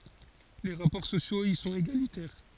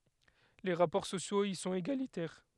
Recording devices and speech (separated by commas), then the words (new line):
forehead accelerometer, headset microphone, read sentence
Les rapports sociaux y sont égalitaires.